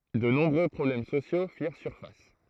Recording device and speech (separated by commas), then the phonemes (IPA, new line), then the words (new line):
throat microphone, read sentence
də nɔ̃bʁø pʁɔblɛm sosjo fiʁ syʁfas
De nombreux problèmes sociaux firent surface.